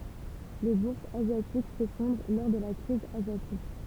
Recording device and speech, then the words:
temple vibration pickup, read sentence
Les bourses asiatiques s'effondrent lors de la crise asiatique.

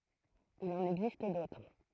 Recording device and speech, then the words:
throat microphone, read sentence
Il en existe d'autres.

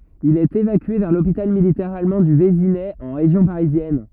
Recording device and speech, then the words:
rigid in-ear microphone, read sentence
Il est évacué vers l'hôpital militaire allemand du Vésinet en région parisienne.

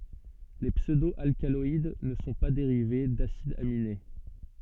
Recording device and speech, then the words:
soft in-ear microphone, read sentence
Les pseudo-alcaloïdes ne sont pas dérivés d'acides aminés.

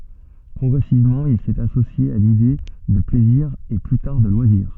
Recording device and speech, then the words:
soft in-ear microphone, read sentence
Progressivement, il s'est associé à l'idée de plaisir et plus tard de loisirs.

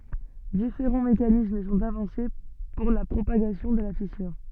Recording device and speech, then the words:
soft in-ear microphone, read sentence
Différents mécanismes sont avancés pour la propagation de la fissure.

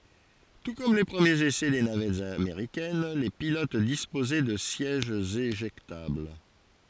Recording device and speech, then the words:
forehead accelerometer, read sentence
Tout comme les premiers essais des navettes américaines, les pilotes disposaient de sièges éjectables.

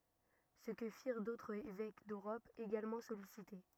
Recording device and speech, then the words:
rigid in-ear microphone, read sentence
Ce que firent d'autres évêques d'Europe, également sollicités.

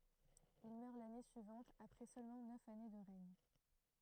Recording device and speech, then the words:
throat microphone, read sentence
Il meurt l'année suivante après seulement neuf années de règne.

